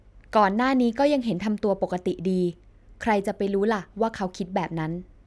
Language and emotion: Thai, neutral